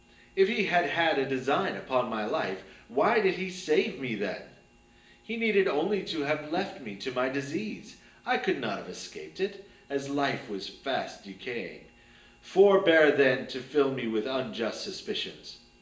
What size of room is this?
A sizeable room.